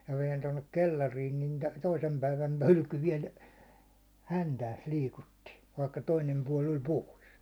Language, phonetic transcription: Finnish, ja (mä) vein tonnek 'kellariin nin 'toisem päivän "hylky viɛl , 'häntääs 'liikutti , vaikka 'toinem 'puål ‿oĺ "pòis .
- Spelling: ja minä vein tuonne kellariin niin toisen päivän hylky vielä häntäänsä liikutti vaikka toinen puoli oli pois

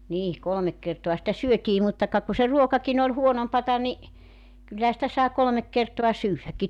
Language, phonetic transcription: Finnish, 'nii , 'kolᵒmek kertoa sitä 'syötii mutta ka ku se 'ruokakin ‿oĺ 'huonompata ni , 'kyllähä sⁱtä sài 'kolᵒmek kertoa "syyvväkki .
- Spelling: niin kolme kertaa sitä syötiin mutta ka kun se ruokakin oli huonompaa niin kyllähän sitä sai kolme kertaa syödäkin

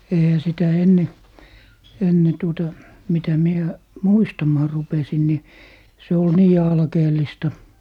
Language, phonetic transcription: Finnish, 'eihä sitä "enne , 'enne tuota , 'mitä mie , "muistamaa 'rupesin ni , se ol "nii 'alkeel̀ista .
- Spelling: eihän sitä ennen ennen tuota mitä minä muistamaan rupesin niin se oli niin alkeellista

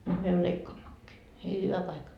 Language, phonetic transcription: Finnish, nyt myö 'leikkaammakkii , nii hyvä paikka » .
- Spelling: nyt me leikkaammekin niin hyvä paikka

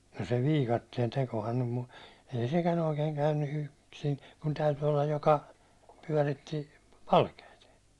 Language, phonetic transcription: Finnish, no se 'viikattien 'tekohan nym mu- , ei 'sekän ‿oikeen käynny 'yksin , kun 'täyty olla joka , 'pyäₒritti , 'palkeit .
- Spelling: no se viikatteen tekohan nyt - ei sekään oikein käynyt yksin kun täytyi olla joka pyöritti palkeita

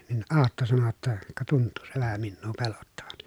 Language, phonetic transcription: Finnish, nin Aatto sano jotta , » ka tunttuu se vähä minnuu pelottavan » .
- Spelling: niin Aatto sanoi jotta ka tuntuu se vähän minua pelottavan

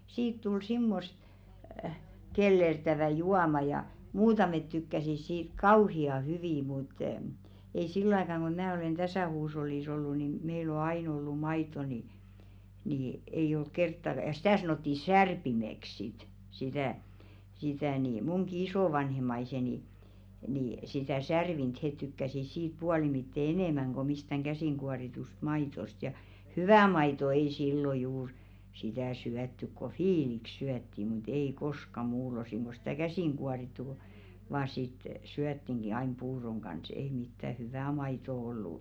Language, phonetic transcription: Finnish, 'siit tul 'simmost , 'kellertävä̀ "juama ja , "muutamet tykkäsis siit "kauhi₍a 'hyvì mut , ei 'sillᵒ ‿aikàŋ ɢo 'mää olèn "täsä̀ 'huush̬ollìs ‿ollu ni 'meil ‿o "ain ‿ollu 'mait̆to ni , ni 'ei olk "kerttaᵏᵃ jᵃ 'sⁱtä̀ sanòtti "särpimek sit , 'sitä̀ , sitä ni 'muŋki "isòvanhem̆maiseni , ni , sitä̀ "särvint 'het tykkäsis siit 'pualimitte "enèmäŋ ɢo mistäŋ 'ɢäsìŋɢuaritust "maitost ja , "hyvä̀ 'maito ei 'sillo juur sitä̀ 'syät-tyk ko "fiilik 'syätti mu't ‿ei "koska 'muul̀osiŋ ɢo sitä̀ "käsìŋɢuarittu (ko) , vaa sit , 'syättiŋɢi ain 'puuroŋ ɢans ei mittä "hyvä̀ "maitò 'ollù .
- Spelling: siitä tuli semmoista kellertävää juomaa ja muutamat tykkäsivät siitä kauhean hyvin mutta ei sillä aikana kun minä olen tässä huushollissa ollut niin meillä on aina ollut maitoa niin niin ei ollut kertaakaan ja sitä sanottiin särpimeksi sitten sitä sitä niin minunkin isovanhempani niin sitä särvintä he tykkäsivät siitä puolimitten enemmän kuin mistään käsinkuoritusta maidosta ja hyvä maito ei silloin juuri sitä syöty kun viili syötiin mutta ei koskaan muulloin kuin sitä käsinkuorittu kun vain sitten syötiinkin aina puuron kanssa ei mitään hyvää maitoa ollut

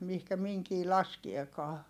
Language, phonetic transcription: Finnish, mihkä miŋkii laskiekaa .
- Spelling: mihin minkin laskeekaan

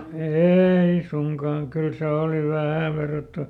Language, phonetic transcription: Finnish, "eei ˈsuŋkaaŋ kyl ˈse òli ˈvähä̀ verrattu- ,.
- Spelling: ei suinkaan kyllä se oli vähän -

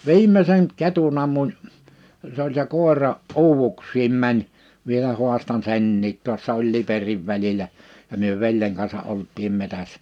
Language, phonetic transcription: Finnish, viim̆meseŋ 'ketun ‿ammuń , se ‿oĺ se 'kòera , 'uuvuks̀iim 'mäń , vielä 'huastan "senniit 'tuassa oĺ 'Liperiv 'väĺilä , ja 'myö "veljeŋ kansa '’olt̆tiim 'metässᴀ̈ .
- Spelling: viimeisen ketun ammuin se oli se koira uuvuksiin meni vielä haastan senkin tuossa oli Liperin välillä ja me veljen kanssa olimme metsässä

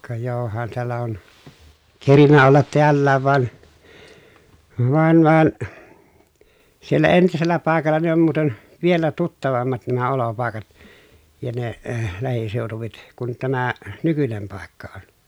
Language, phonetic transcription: Finnish, ka johan teällä on , kerinnä ollat teällääv van , van van , siellä entisellä pàekalla ne ‿om muuten , vielä tuttavammat nämä olopàekat , ja ne , lähisèotuvit , kun tämä , nykynem pàekka on .
- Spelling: ka johan täällä on kerinnyt olla täälläkin vaan vaan vaan siellä entisellä paikalla ne on muuten vielä tuttavammat nämä olopaikat ja ne lähiseudut kuin tämä nykyinen paikka on

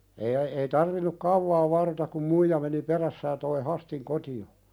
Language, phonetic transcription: Finnish, eeⁱ ᵒ- ei tarvinuk "kauvaa 'varrotak kum "muija meni 'perässä ja toi 'Hästiŋ koti₍o .
- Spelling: ei - ei tarvinnut kauaa varrota kun muija meni perässä ja tuon Hästin kotiin

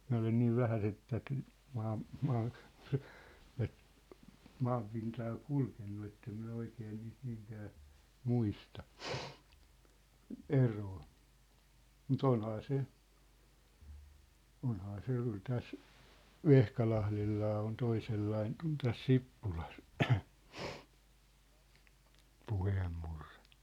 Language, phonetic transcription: Finnish, 'miⁿ̬ä olen niiv "vähäseᵗ tät , 'maam- , 'maa- , tät , 'maampintaa 'kulkennu ettem minä 'oikee niist 'niiŋkää , 'muista , "eroo , mu't ‿onhaa 'se , 'onhaa 'se jă 'kyl 'täs , "Vehkalahlellaa on 'toisellaiŋ k̆ŭn täs 'Sippulas , 'puheemmurrᴇ .
- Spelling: minä olen niin vähäisen tätä - - tätä maanpintaa kulkenut että en minä oikein niistä niinkään muista eroa mutta onhan se onhan se ja kyllä tässä Vehkalahdellakin on toisenlainen kuin tässä Sippulassa puheenmurre

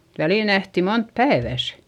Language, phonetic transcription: Finnish, välìl nähti mont päevä̀s .
- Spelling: välillä nähtiin monta päivässä

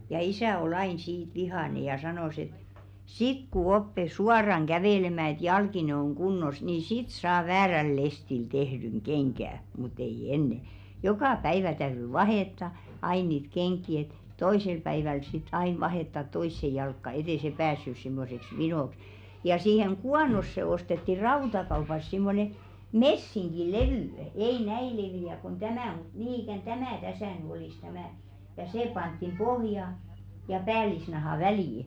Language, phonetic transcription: Finnish, ja 'isä̀ o'l ‿ain siit "vihàne ja 'sanòs ‿et » "sik ku 'oppe 'suaraŋ 'ɢävèlemä̀ et 'jalkine oŋ 'ɢunnos nii "sit saa 'vääräl 'lestil 'tehdyŋ "ɢeŋɢä̀ , mut ‿ei "enne « , "jokà 'päivä täyry "vahètta , 'ai niit 'keŋk̆ki et , "toisel päiväl sit 'ain vahèttat "toisse 'jalkka et ‿è se 'päässys simmoseks "vinòks , ja 'siiheŋ "ɢuanosse ostetti 'rautakaupas simmone "messiŋki'levỳ , 'ei "näi levi₍ä kon "tämä̀ mut 'nii ikä̀n "tämä̀ 'täsä̀ ny olis 'tämä , ja "sè panttim 'ʙohja- , ja 'päälisnahà "välì .
- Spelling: ja isä oli aina siitä vihainen ja sanoi että sitten kun oppi suoraan kävelemään että jalkine on kunnossa niin sitten saa väärällä lestillä tehdyn kengän mutta ei ennen joka päivä täytyi vaihtaa aina niitä kenkiä että toisella päivällä sitten aina vaihtaa toiseen jalkaan että ei se päässyt semmoiseksi vinoksi ja siihen kuonoon ostettiin rautakaupasta semmoinen messinkilevy ei näin leveä kuin tämä mutta niin ikään tämä tässä nyt olisi tämä ja se pantiin pohja- ja päällisnahan väliin

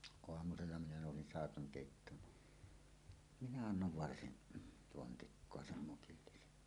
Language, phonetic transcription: Finnish, 'oamusella minä nòusin "sàekaŋ 'kèittoon ni , 'minä "annov 'varsin , 'pontikkoa "sem 'mukillisen .
- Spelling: aamusella minä nousin saikan keittoon niin minä annoin varsin pontikkaa sen mukillisen

